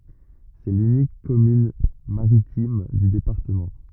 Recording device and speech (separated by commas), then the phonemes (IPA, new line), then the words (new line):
rigid in-ear microphone, read sentence
sɛ lynik kɔmyn maʁitim dy depaʁtəmɑ̃
C'est l'unique commune maritime du département.